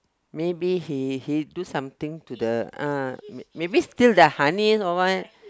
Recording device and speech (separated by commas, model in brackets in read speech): close-talking microphone, conversation in the same room